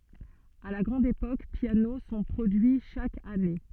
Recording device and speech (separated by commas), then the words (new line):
soft in-ear microphone, read sentence
À la grande époque, pianos sont produits chaque année.